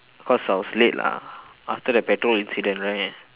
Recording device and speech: telephone, conversation in separate rooms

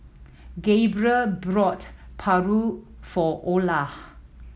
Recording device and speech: mobile phone (iPhone 7), read sentence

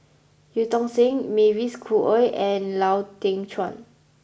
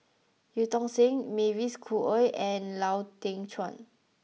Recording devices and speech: boundary microphone (BM630), mobile phone (iPhone 6), read sentence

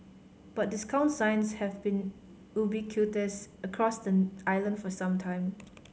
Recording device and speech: mobile phone (Samsung C5010), read sentence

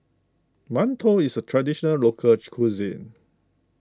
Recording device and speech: close-talking microphone (WH20), read sentence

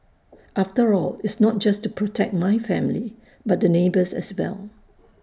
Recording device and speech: standing microphone (AKG C214), read sentence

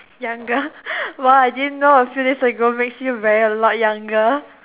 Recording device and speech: telephone, conversation in separate rooms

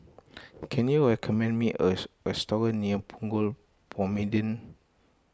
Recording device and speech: close-talking microphone (WH20), read sentence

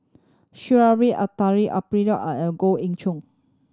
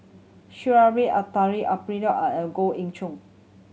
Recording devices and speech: standing microphone (AKG C214), mobile phone (Samsung C7100), read sentence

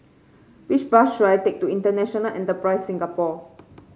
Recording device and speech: mobile phone (Samsung C5), read sentence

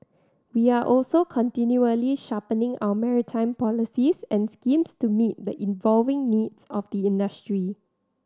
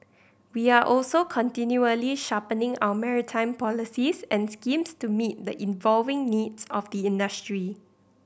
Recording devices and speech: standing microphone (AKG C214), boundary microphone (BM630), read sentence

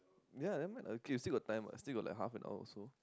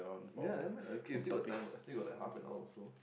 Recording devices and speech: close-talking microphone, boundary microphone, conversation in the same room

